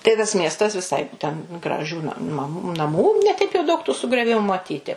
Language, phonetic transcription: Lithuanian, tai tas ˈmiestas viˈsai ten graˈžių na mam naˈmų ne ˈteip jau daug tų sugrioˈvimu maˈtyti

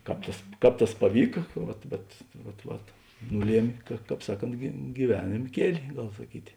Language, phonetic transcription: Lithuanian, ˈkāp tas ˈkāp tas paˈvyka ˈvat bet ˈvat ˈvat ˈnuˌliemė ka ˈkāp ˈsaˌkont gyˈvenėm ˈkieli ˈgal saˈkyti

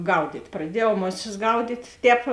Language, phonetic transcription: Lithuanian, ˈgaudyt' praˈdiejau ˈmoˌsis ˈgaudyt' ˈtēp

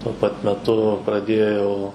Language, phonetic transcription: Lithuanian, tuo ˈpat meˈtu praˈdėjau

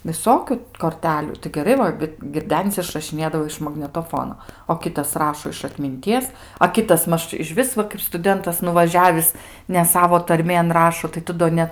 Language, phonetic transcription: Lithuanian, viˈsokiu korˈtelių tai geˈrai va girˈdenis išrašiˈnėdavo iš magnetoˈfono o ˈkitas ˈrašo iš atminˈties a ˈkitas ˈmaž išˈvis va kaip stuˈdentas nuvaˈžiavis ne ˈsavo ˈtarmėn ˈrašo tai ˈtu do ˈnet

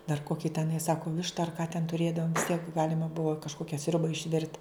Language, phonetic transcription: Lithuanian, dar ˈkoki teˈnai ˈsako ˈvišta ar ka ten tuˈrėdavom visˈtiek ˈgalima ˈbuvo kažˈkokia ˈsriuba išˈvirt

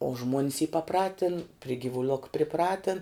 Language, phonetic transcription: Lithuanian, o žmuon's y paˈpratin pri givuˈlok priˈpratin

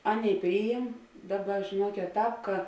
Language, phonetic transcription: Lithuanian, ˈaˌnėi ˈpryjim ˈdaˌba žėˈnuokėt ˈtāp ka

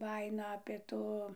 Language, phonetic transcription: Lithuanian, ˈbajino apė ˈtų

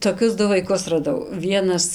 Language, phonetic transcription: Lithuanian, toˈkius ˈdu vaiˈkus raˈdau ˈvienas

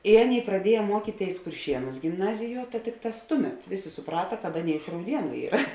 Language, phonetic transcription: Lithuanian, i ˈaˌnėi praˈdieje ˈmuokytėis kurˈšienūs gimˈnaziˌjuo ta ˈtikˌtās ˈtuˌmet ˈvėˌsė suˈprata kad ˈaˌnėi iš rauˈdienu ˈyra

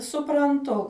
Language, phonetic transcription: Lithuanian, supranˈtu

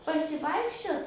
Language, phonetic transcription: Lithuanian, pasiˈvaikščiot

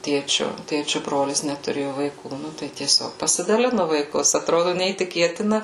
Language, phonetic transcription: Lithuanian, ˈtėčiu ˈtėčiu ˈbrolis netuˈrėju vaiˈkų ˈnu tai tieˈsiog pasidaˈlinu vaiˈkus atˈrodu neįtiˈkėtina

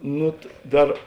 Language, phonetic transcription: Lithuanian, ˈnu ˈdar

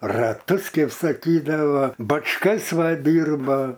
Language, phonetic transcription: Lithuanian, raˈtus ˈkeip saˈkydava bačˈkas ˈva ˈdyrba

